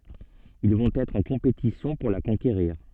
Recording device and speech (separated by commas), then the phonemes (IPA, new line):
soft in-ear microphone, read sentence
il vɔ̃t ɛtʁ ɑ̃ kɔ̃petisjɔ̃ puʁ la kɔ̃keʁiʁ